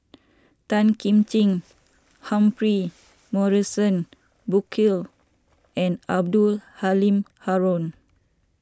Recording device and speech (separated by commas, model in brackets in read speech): standing microphone (AKG C214), read sentence